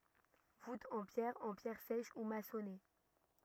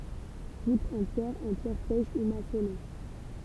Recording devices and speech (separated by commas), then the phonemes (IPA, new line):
rigid in-ear microphone, temple vibration pickup, read sentence
vutz ɑ̃ pjɛʁ ɑ̃ pjɛʁ sɛʃ u masɔne